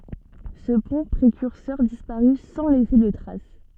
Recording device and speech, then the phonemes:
soft in-ear microphone, read sentence
sə pɔ̃ pʁekyʁsœʁ dispaʁy sɑ̃ lɛse də tʁas

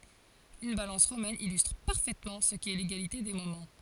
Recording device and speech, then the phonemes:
forehead accelerometer, read sentence
yn balɑ̃s ʁomɛn ilystʁ paʁfɛtmɑ̃ sə kɛ leɡalite de momɑ̃

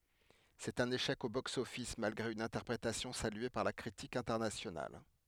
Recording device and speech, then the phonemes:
headset microphone, read sentence
sɛt œ̃n eʃɛk o boksɔfis malɡʁe yn ɛ̃tɛʁpʁetasjɔ̃ salye paʁ la kʁitik ɛ̃tɛʁnasjonal

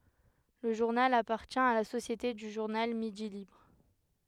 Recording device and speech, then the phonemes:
headset microphone, read sentence
lə ʒuʁnal apaʁtjɛ̃ a la sosjete dy ʒuʁnal midi libʁ

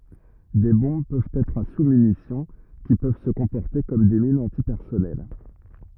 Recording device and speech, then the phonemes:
rigid in-ear microphone, read sentence
de bɔ̃b pøvt ɛtʁ a susmynisjɔ̃ ki pøv sə kɔ̃pɔʁte kɔm de minz ɑ̃tipɛʁsɔnɛl

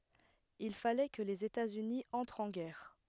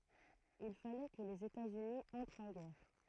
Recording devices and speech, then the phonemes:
headset microphone, throat microphone, read sentence
il falɛ kə lez etaz yni ɑ̃tʁt ɑ̃ ɡɛʁ

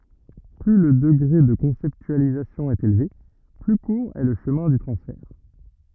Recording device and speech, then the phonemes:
rigid in-ear microphone, read sentence
ply lə dəɡʁe də kɔ̃sɛptyalizasjɔ̃ ɛt elve ply kuʁ ɛ lə ʃəmɛ̃ dy tʁɑ̃sfɛʁ

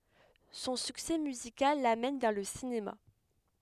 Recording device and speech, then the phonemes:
headset microphone, read sentence
sɔ̃ syksɛ myzikal lamɛn vɛʁ lə sinema

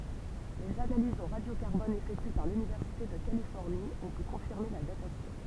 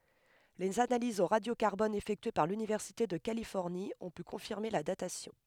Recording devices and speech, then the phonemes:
temple vibration pickup, headset microphone, read sentence
lez analizz o ʁadjo kaʁbɔn efɛktye paʁ lynivɛʁsite də kalifɔʁni ɔ̃ py kɔ̃fiʁme la datasjɔ̃

